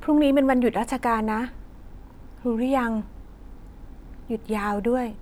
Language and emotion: Thai, neutral